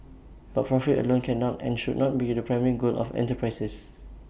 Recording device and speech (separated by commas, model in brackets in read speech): boundary microphone (BM630), read sentence